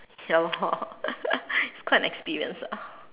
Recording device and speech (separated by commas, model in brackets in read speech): telephone, conversation in separate rooms